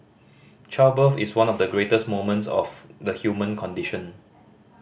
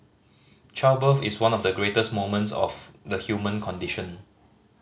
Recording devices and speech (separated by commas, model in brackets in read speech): boundary microphone (BM630), mobile phone (Samsung C5010), read sentence